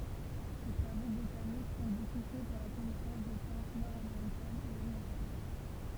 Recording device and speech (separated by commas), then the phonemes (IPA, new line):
temple vibration pickup, read sentence
se tʁavo botanikz ɔ̃ boku fɛ puʁ la kɔnɛsɑ̃s de plɑ̃t nɔʁdameʁikɛnz e oʁjɑ̃tal